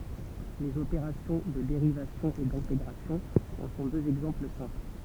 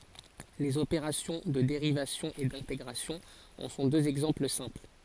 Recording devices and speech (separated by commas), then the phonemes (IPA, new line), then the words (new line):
temple vibration pickup, forehead accelerometer, read sentence
lez opeʁasjɔ̃ də deʁivasjɔ̃ e dɛ̃teɡʁasjɔ̃ ɑ̃ sɔ̃ døz ɛɡzɑ̃pl sɛ̃pl
Les opérations de dérivation et d'intégration en sont deux exemples simples.